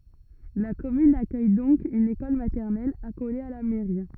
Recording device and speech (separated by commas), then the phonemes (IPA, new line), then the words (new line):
rigid in-ear microphone, read sentence
la kɔmyn akœj dɔ̃k yn ekɔl matɛʁnɛl akole a la mɛʁi
La commune accueille donc une école maternelle, accolée à la mairie.